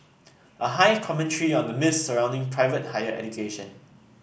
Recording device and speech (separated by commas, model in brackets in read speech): boundary microphone (BM630), read sentence